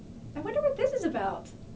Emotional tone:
happy